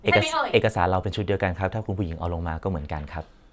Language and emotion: Thai, neutral